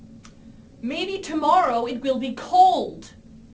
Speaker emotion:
neutral